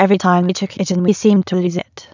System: TTS, waveform concatenation